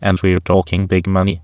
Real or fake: fake